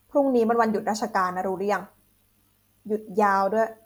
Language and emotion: Thai, frustrated